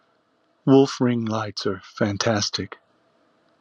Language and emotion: English, sad